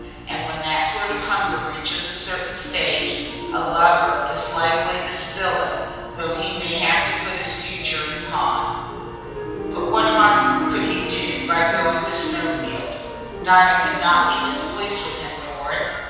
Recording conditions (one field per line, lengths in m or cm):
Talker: one person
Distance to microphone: 7.1 m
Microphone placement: far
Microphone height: 1.7 m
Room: very reverberant, large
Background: music